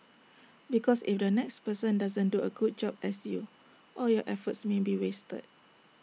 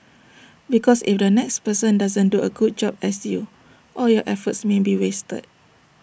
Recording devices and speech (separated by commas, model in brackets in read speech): mobile phone (iPhone 6), boundary microphone (BM630), read sentence